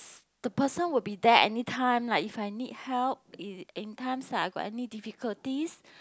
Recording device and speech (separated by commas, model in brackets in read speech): close-talking microphone, conversation in the same room